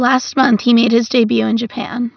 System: none